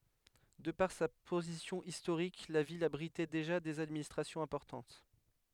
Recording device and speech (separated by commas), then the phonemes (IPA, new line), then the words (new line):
headset microphone, read sentence
də paʁ sa pozisjɔ̃ istoʁik la vil abʁitɛ deʒa dez administʁasjɔ̃z ɛ̃pɔʁtɑ̃t
De par sa position historique, la ville abritait déjà des administrations importantes.